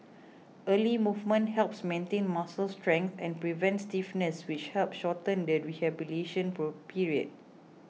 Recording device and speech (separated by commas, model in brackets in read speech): mobile phone (iPhone 6), read sentence